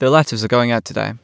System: none